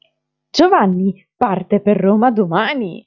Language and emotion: Italian, happy